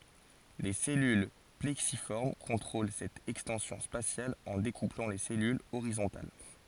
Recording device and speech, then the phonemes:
forehead accelerometer, read sentence
le sɛlyl plɛksifɔʁm kɔ̃tʁol sɛt ɛkstɑ̃sjɔ̃ spasjal ɑ̃ dekuplɑ̃ le sɛlylz oʁizɔ̃tal

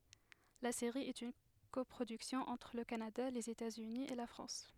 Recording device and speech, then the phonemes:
headset microphone, read sentence
la seʁi ɛt yn kɔpʁodyksjɔ̃ ɑ̃tʁ lə kanada lez etatsyni e la fʁɑ̃s

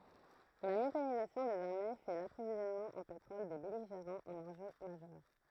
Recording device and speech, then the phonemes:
throat microphone, read sentence
la mekanizasjɔ̃ dez aʁme fɛ də lapʁovizjɔnmɑ̃ ɑ̃ petʁɔl de bɛliʒeʁɑ̃z œ̃n ɑ̃ʒø maʒœʁ

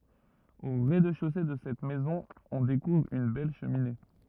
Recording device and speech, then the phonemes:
rigid in-ear microphone, read sentence
o ʁɛzdɛʃose də sɛt mɛzɔ̃ ɔ̃ dekuvʁ yn bɛl ʃəmine

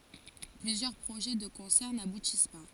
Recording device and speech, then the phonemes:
forehead accelerometer, read sentence
plyzjœʁ pʁoʒɛ də kɔ̃sɛʁ nabutis pa

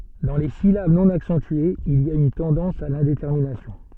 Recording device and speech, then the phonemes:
soft in-ear microphone, read sentence
dɑ̃ le silab nɔ̃ aksɑ̃tyez il i a yn tɑ̃dɑ̃s a lɛ̃detɛʁminasjɔ̃

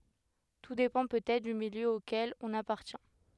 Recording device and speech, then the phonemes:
headset microphone, read sentence
tu depɑ̃ pøtɛtʁ dy miljø okɛl ɔ̃n apaʁtjɛ̃

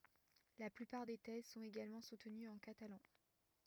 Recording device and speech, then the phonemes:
rigid in-ear microphone, read sentence
la plypaʁ de tɛz sɔ̃t eɡalmɑ̃ sutənyz ɑ̃ katalɑ̃

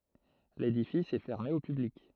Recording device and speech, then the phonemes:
throat microphone, read sentence
ledifis ɛ fɛʁme o pyblik

